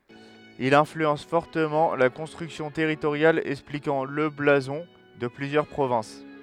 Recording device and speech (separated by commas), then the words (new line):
headset microphone, read sentence
Il influence fortement la construction territoriale, expliquant le blason de plusieurs provinces.